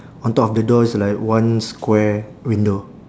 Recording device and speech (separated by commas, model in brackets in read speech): standing microphone, conversation in separate rooms